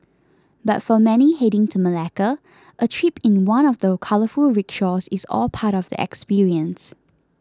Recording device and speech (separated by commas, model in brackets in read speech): close-talking microphone (WH20), read sentence